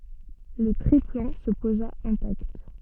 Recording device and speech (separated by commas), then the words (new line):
soft in-ear microphone, read sentence
Le triplan se posa intact.